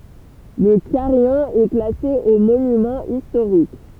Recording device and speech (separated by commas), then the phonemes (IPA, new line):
temple vibration pickup, read sentence
lə kaʁijɔ̃ ɛ klase o monymɑ̃z istoʁik